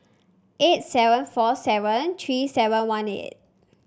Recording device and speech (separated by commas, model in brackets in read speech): standing microphone (AKG C214), read sentence